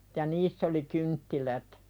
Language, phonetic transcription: Finnish, ja 'niiss ‿oli "kynttilät .
- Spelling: ja niissä oli kynttilät

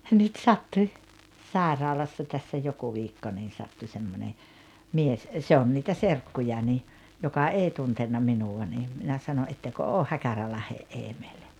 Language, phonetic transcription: Finnish, nyt "sattuⁱ , 'sàeraalassa tässä 'joku viikko niin̬ sattu semmone , 'mies , 'se on niitä "serkkuja (ni) , joka "èi 'tuntenna "minuwa ni , minä 'sano » '’ettekö 'ooh 'Häkärälahe’ "’EeᴍᴇĹ « .
- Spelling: nyt sattui sairaalassa tässä joku viikko niin sattui semmoinen mies se on niitä serkkuja niin joka ei tuntenut minua niin minä sanoi ettekö ole Häkärälahden Eemeli

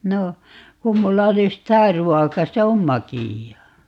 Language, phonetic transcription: Finnish, 'no , 'kum 'mulla 'olis - "tää "ruɔka 'se om "makìjjaa .
- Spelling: no kun minulla olisi tämä ruoka se on makeaa

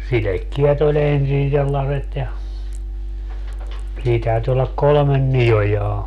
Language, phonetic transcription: Finnish, 'silekkiɛt ‿o'ĺ ‿ensin sellaset ja , 'sii täyty ollak "kolᵒmen "niʲojaa .
- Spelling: sidekkeet oli ensin sellaiset ja siinä täytyi olla kolme niojaa

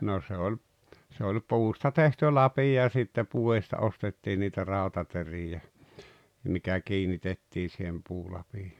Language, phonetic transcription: Finnish, no se oĺ , se oĺ "puusta tehty "lapi₍o ja sitte 'puo₍ista 'ostettii niitä 'ràotateri₍ä , mikä 'kiinitettii sihem 'puulapi[aan] .
- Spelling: no se oli se oli puusta tehty lapio ja sitten puodista ostettiin niitä rautateriä mikä kiinnitettiin siihen puulapioon

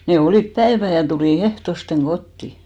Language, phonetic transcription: Finnish, ne "olìp 'päevä ja tulì 'ehtosteŋ "ɢotti .
- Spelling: ne olivat päivän ja tuli ehtoosti kotiin

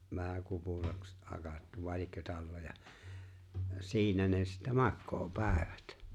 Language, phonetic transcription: Finnish, vähä 'kupuraks , 'hakattu , 'vài̬ liekkö 'tall(oja) , 'siinä ne sittä 'makkoo 'pä̀evät .
- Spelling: vähän kupuraksi hakattu vai liekö talloja siinä ne sitten makaa päivät

